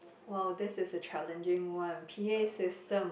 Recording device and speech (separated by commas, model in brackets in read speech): boundary microphone, conversation in the same room